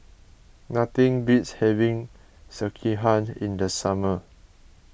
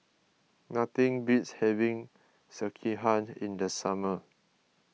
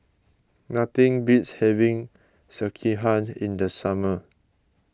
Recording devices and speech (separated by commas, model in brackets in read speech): boundary microphone (BM630), mobile phone (iPhone 6), close-talking microphone (WH20), read sentence